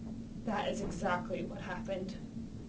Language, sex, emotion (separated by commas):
English, female, disgusted